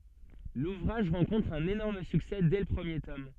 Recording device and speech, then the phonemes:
soft in-ear microphone, read sentence
luvʁaʒ ʁɑ̃kɔ̃tʁ œ̃n enɔʁm syksɛ dɛ lə pʁəmje tɔm

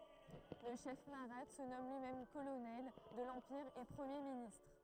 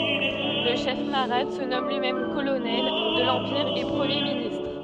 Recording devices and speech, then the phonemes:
throat microphone, soft in-ear microphone, read sentence
lə ʃɛf maʁat sə nɔm lyimɛm kolonɛl də lɑ̃piʁ e pʁəmje ministʁ

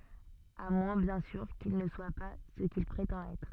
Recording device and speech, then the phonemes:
soft in-ear microphone, read sentence
a mwɛ̃ bjɛ̃ syʁ kil nə swa pa sə kil pʁetɑ̃t ɛtʁ

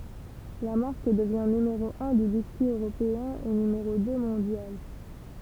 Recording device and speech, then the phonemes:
temple vibration pickup, read sentence
la maʁk dəvjɛ̃ nymeʁo œ̃ dy biskyi øʁopeɛ̃ e nymeʁo dø mɔ̃djal

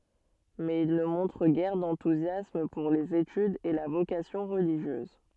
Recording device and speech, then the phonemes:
soft in-ear microphone, read sentence
mɛz il nə mɔ̃tʁ ɡɛʁ dɑ̃tuzjasm puʁ lez etydz e la vokasjɔ̃ ʁəliʒjøz

